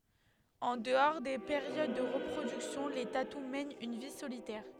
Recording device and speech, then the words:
headset microphone, read sentence
En dehors des périodes de reproduction, les tatous mènent une vie solitaire.

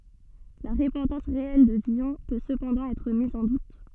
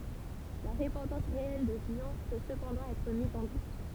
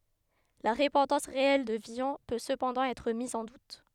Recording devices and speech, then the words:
soft in-ear microphone, temple vibration pickup, headset microphone, read sentence
La repentance réelle de Villon peut cependant être mise en doute.

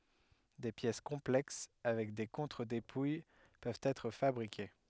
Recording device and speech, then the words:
headset microphone, read sentence
Des pièces complexes avec des contre-dépouilles peuvent être fabriquées.

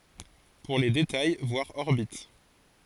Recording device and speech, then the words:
forehead accelerometer, read sentence
Pour les détails, voir orbite.

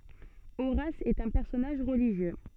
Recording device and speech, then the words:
soft in-ear microphone, read sentence
Horace est un personnage religieux.

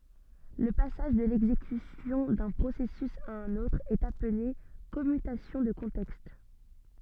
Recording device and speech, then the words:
soft in-ear microphone, read sentence
Le passage de l’exécution d’un processus à un autre est appelé commutation de contexte.

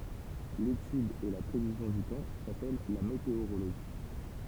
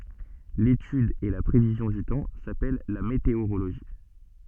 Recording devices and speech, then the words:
temple vibration pickup, soft in-ear microphone, read sentence
L'étude et la prévision du temps s'appellent la météorologie.

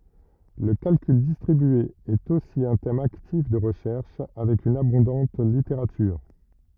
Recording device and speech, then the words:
rigid in-ear microphone, read sentence
Le calcul distribué est aussi un thème actif de recherche, avec une abondante littérature.

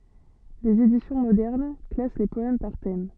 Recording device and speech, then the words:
soft in-ear microphone, read sentence
Des éditions modernes classent les poèmes par thèmes.

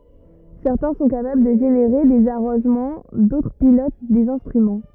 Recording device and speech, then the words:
rigid in-ear microphone, read sentence
Certains sont capables de générer des arrangements, d'autres pilotent des instruments.

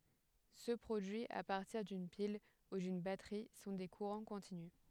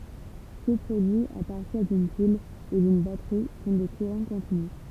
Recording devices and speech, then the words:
headset microphone, temple vibration pickup, read sentence
Ceux produits à partir d'une pile ou d'une batterie sont des courants continus.

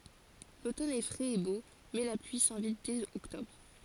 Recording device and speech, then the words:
forehead accelerometer, read sentence
L'automne est frais et beau, mais la pluie s'invite dès octobre.

